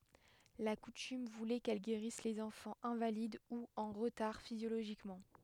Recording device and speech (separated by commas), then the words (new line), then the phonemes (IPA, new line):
headset microphone, read sentence
La coutume voulait qu'elle guérisse les enfants invalides ou en retard physiologiquement.
la kutym vulɛ kɛl ɡeʁis lez ɑ̃fɑ̃z ɛ̃valid u ɑ̃ ʁətaʁ fizjoloʒikmɑ̃